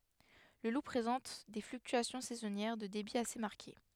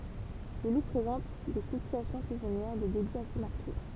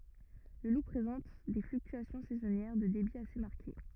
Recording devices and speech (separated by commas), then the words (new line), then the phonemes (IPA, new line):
headset microphone, temple vibration pickup, rigid in-ear microphone, read sentence
Le Loup présente des fluctuations saisonnières de débit assez marquées.
lə lu pʁezɑ̃t de flyktyasjɔ̃ sɛzɔnjɛʁ də debi ase maʁke